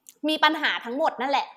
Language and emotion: Thai, angry